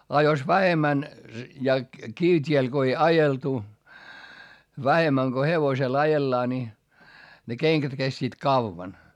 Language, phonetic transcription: Finnish, a jos vähemmän , ja kivt́iel Go ei ajeltu , vähemmäŋ Go hevosel ajellaa ńi , ne keŋkät kestiit kavvan .
- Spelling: ja jos vähemmän ja kivitiellä kun ei ajeltu vähemmän kun hevosella ajellaan niin ne kengät kestivät kauan

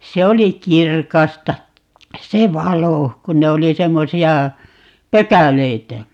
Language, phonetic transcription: Finnish, "se oli 'kirkasta , "se "valo , 'kun ne oli 'semmosi₍a , "pökäleitä .
- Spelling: se oli kirkasta se valo kun ne oli semmoisia pökäleitä

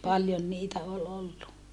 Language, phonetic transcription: Finnish, paljon niitä ol ollu .
- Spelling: paljon niitä oli ollut

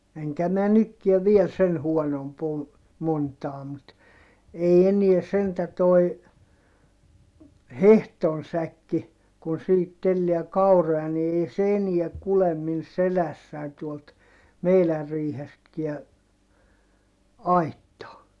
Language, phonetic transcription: Finnish, eŋkä mä nykkiɛ viel sen huonomp ‿o , montaa mut , ei eniɛ sentä toi , hehton säkki , kun siihit telli̮ä kauroja ni ei se eniä kulem min selässäi̮n tuolt , meilär riihestkiä , aittaa .
- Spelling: enkä minä nytkään vielä sen huonompi ole montaa mutta ei enää sentään tuo hehdon säkki kun siihen tellää kauroja niin ei se enää kulje minun selässäni tuolta meidän riihestäkään aittaan

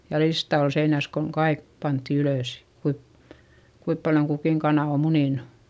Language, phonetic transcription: Finnish, ja lista ol seinäs koŋ kaik pantti ylö̀s , kuip , kuip paljoŋ kukìŋ kanà o munìnU .
- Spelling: ja lista oli seinässä kun kaikki pantiin ylös kuinka kuinka paljon kukin kana on muninut

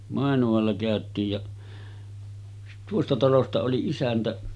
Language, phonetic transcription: Finnish, Màenu₍alla 'kä̀öt̆tiij ja , 'tuosta talosta oli 'isäntä .
- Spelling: Mainualla käytiin ja tuosta talosta oli isäntä

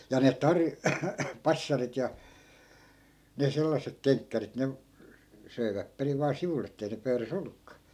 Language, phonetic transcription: Finnish, ja ne 'tarj- , 'passarit ja , ne 'sellassek "keŋkkärit ne , 'söi̮väp periv vaa 'sivul̆l ‿ettei ne 'pöyrä"s ‿ollukkaa .
- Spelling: ja ne - passarit ja ne sellaiset kenkkärit ne söivät perin vain sivulla että ei ne pöydässä ollutkaan

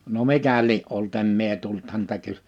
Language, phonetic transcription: Finnish, no 'mikä lie’ ’olt 'em mie tult häntä 'ky- ,.
- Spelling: no mikä lie ollut en minä tullut häntä -

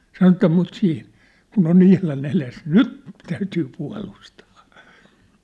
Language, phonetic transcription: Finnish, 'sano että » mut siih , kun ‿o'n ‿ihla'n ‿eles , "nyt , täytyy pua̭lustᴀᴀ ! «
- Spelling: sanoi että mutta siinä kun on ihan edessä nyt täytyy puolustaa

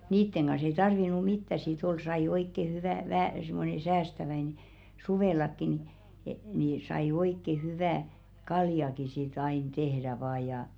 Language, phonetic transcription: Finnish, 'niitteŋ ɢan̬s ‿ei tarvinu "mittä si't ‿ol sai oikke 'hyvä̀ vähä̀ simmone "säästäväine , 'suvèlakki ni , ni sai 'oikke 'hyvä̀ , "kaljaki sit ‿ain 'tehðä vaa jà .
- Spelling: niiden kanssa ei tarvinnut mitään sitten olla sai oikein hyvää vähän semmoinen säästäväinen suvellakin niin niin sai oikein hyvää kaljaakin sitten aina tehdä vain ja

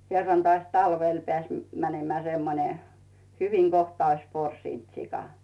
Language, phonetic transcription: Finnish, 'kerran toàs 'talvel 'pᵉä̀s , mänemᵉä̀ 'semmone , "hyviŋ 'Gohta ois 'porsìnt sika .
- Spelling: kerran taas talvella pääsi menemään semmoinen hyvin kohta olisi porsinut sika

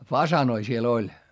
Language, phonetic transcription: Finnish, fasanoi siel ‿oĺ .
- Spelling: fasaaneja siellä oli

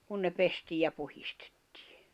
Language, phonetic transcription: Finnish, kun se 'pestiij ja 'puhistᴇttɪɪ .
- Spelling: kun se pestiin ja puhdistettiin

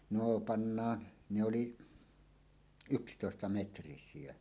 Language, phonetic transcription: Finnish, 'noo "pannaan , ne oli , "ykstòesta'metrisìe .
- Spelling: no pannaan ne oli yksitoistametrisiä

